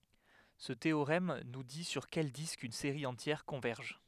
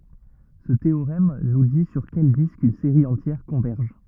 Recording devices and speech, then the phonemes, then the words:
headset microphone, rigid in-ear microphone, read sentence
sə teoʁɛm nu di syʁ kɛl disk yn seʁi ɑ̃tjɛʁ kɔ̃vɛʁʒ
Ce théorème nous dit sur quel disque une série entière converge.

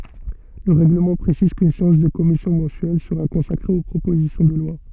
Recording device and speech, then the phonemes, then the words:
soft in-ear microphone, read sentence
lə ʁɛɡləmɑ̃ pʁesiz kyn seɑ̃s də kɔmisjɔ̃ mɑ̃syɛl səʁa kɔ̃sakʁe o pʁopozisjɔ̃ də lwa
Le règlement précise qu'une séance de commission mensuelle sera consacrée aux propositions de loi.

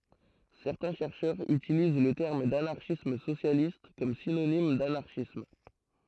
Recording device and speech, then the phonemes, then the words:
throat microphone, read sentence
sɛʁtɛ̃ ʃɛʁʃœʁz ytiliz lə tɛʁm danaʁʃism sosjalist kɔm sinonim danaʁʃism
Certains chercheurs utilisent le terme d'anarchisme socialiste comme synonyme d'anarchisme.

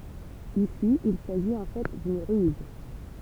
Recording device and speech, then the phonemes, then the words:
temple vibration pickup, read sentence
isi il saʒit ɑ̃ fɛ dyn ʁyz
Ici, il s'agit en fait d'une ruse.

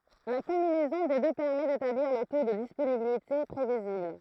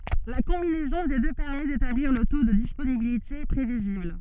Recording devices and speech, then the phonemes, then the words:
throat microphone, soft in-ear microphone, read sentence
la kɔ̃binɛzɔ̃ de dø pɛʁmɛ detabliʁ lə to də disponibilite pʁevizibl
La combinaison des deux permet d'établir le taux de disponibilité prévisible.

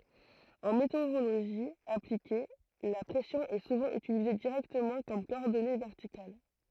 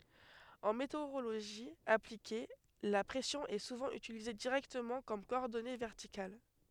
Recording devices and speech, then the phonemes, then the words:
throat microphone, headset microphone, read sentence
ɑ̃ meteoʁoloʒi aplike la pʁɛsjɔ̃ ɛ suvɑ̃ ytilize diʁɛktəmɑ̃ kɔm kɔɔʁdɔne vɛʁtikal
En météorologie appliquée, la pression est souvent utilisée directement comme coordonnée verticale.

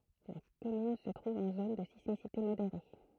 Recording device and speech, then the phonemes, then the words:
throat microphone, read sentence
la kɔmyn sə tʁuv ɑ̃ zon də sismisite modeʁe
La commune se trouve en zone de sismicité modérée.

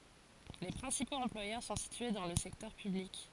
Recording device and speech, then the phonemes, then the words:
forehead accelerometer, read sentence
le pʁɛ̃sipoz ɑ̃plwajœʁ sɔ̃ sitye dɑ̃ lə sɛktœʁ pyblik
Les principaux employeurs sont situés dans le secteur public.

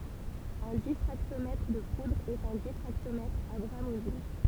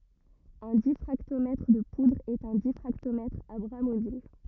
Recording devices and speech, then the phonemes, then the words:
temple vibration pickup, rigid in-ear microphone, read sentence
œ̃ difʁaktomɛtʁ də pudʁz ɛt œ̃ difʁaktomɛtʁ a bʁa mobil
Un diffractomètre de poudres est un diffractomètre à bras mobiles.

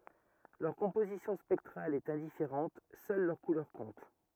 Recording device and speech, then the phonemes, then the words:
rigid in-ear microphone, read sentence
lœʁ kɔ̃pozisjɔ̃ spɛktʁal ɛt ɛ̃difeʁɑ̃t sœl lœʁ kulœʁ kɔ̃t
Leur composition spectrale est indifférente, seule leur couleur compte.

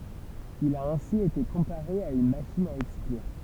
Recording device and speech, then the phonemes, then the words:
temple vibration pickup, read sentence
il a ɛ̃si ete kɔ̃paʁe a yn maʃin a ɛksklyʁ
Il a ainsi été comparé à une machine à exclure.

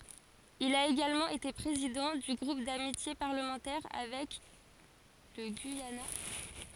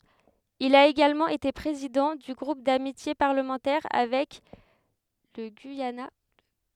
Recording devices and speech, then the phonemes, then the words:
forehead accelerometer, headset microphone, read sentence
il a eɡalmɑ̃ ete pʁezidɑ̃ dy ɡʁup damitje paʁləmɑ̃tɛʁ avɛk lə ɡyijana
Il a également été président du groupe d'amitié parlementaire avec le Guyana.

